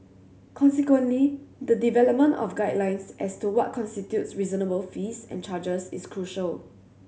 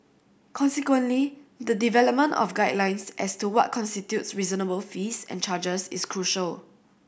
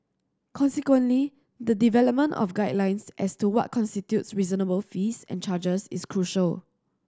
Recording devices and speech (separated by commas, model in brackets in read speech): mobile phone (Samsung C7100), boundary microphone (BM630), standing microphone (AKG C214), read sentence